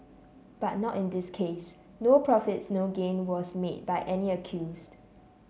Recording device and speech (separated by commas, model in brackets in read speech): mobile phone (Samsung C7), read sentence